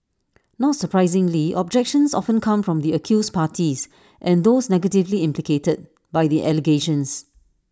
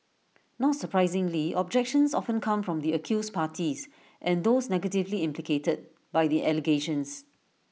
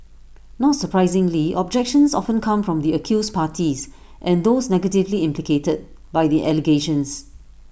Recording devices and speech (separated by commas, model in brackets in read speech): standing microphone (AKG C214), mobile phone (iPhone 6), boundary microphone (BM630), read sentence